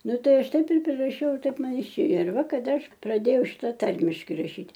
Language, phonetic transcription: Lithuanian, ˈnu ˈtai ˈaš ˈtaip ir priraˈšiau ir ˈtaip ˈman iˈšėjo ir ˈva kaˈda ˈaš praˈdėjau ˈšita ˈtarmiški raˈšyt'

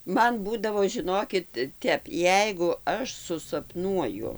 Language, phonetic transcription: Lithuanian, ˈman ˈbūdavo žiˈnokit ˈtep ˈjeigu ˈaš susapˈnuoju

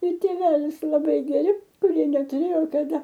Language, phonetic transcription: Lithuanian, ir tėˈvelis laˈbai geˈri kuˈrie netuˈrėjo kaˈda

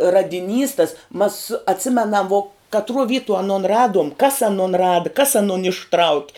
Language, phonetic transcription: Lithuanian, radiˈnys tas mas atˈsimenam vo katˈruo ˈvytuo aˈnon ˈraduom kas aˈnon ˈrada kas aˈnon išˈtrauki

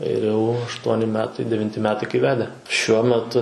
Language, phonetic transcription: Lithuanian, ir jau ašˈtuoni ˈmetai devinˈti ˈmetai kai ˈvede šiuo meˈtu

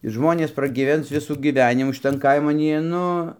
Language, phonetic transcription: Lithuanian, i ˈžmonės pragyˈvens ˈvisų gyˈvenimų šiˈtan ˈkaiman ˈjie ˈnu

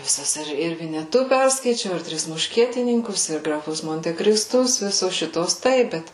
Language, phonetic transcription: Lithuanian, viˈsas ir vineˈtu ˈperskaičiau ir ˈtris mušˈkietininkus ir graˈfus montekrisˈtus ˈvisos ˈšituos ˈtaip ˈbet

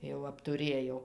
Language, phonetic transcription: Lithuanian, jau aptuˈrėjau

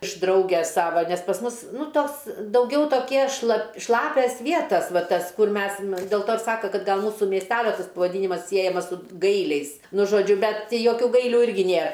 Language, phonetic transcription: Lithuanian, iš ˈdrauges ˈsava ˈnes pas ˈmus ˈnu ˈtos dauˈgiau toˈkie šla ˈšlapias ˈvietas ˈva ˈtas ˈkur ˈmes ir del ˈto ir ˈsaka ˈkad gal ˈmūsu miesˈtelio ˈtas pavaˈdynimas ˈsiejamas su ˈgailiais ˈnu žoˈdžiu ˈbet ti ˈjokių ˈgailių ˈirgi ˈnėr

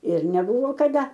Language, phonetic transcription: Lithuanian, ir neˈbuvo kaˈda

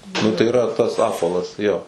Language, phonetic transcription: Lithuanian, ˈnu tai iˈra ˈtas ˈapvalas ˈjo

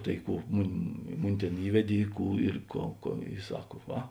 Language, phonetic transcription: Lithuanian, tai ˈkų ˈmun' ˈmuni ˈtėn ˈįvedė i ˈkų ir ˈkou ko i ˈsak ˈva

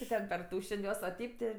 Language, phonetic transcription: Lithuanian, i ˈtad perˈtūšen' ˈjuos a ˈteip ti

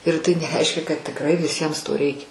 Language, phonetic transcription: Lithuanian, ir tai neˈreiškia kad tikˈrai viˈsiems to ˈreikia

